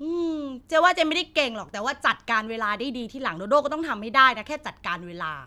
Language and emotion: Thai, frustrated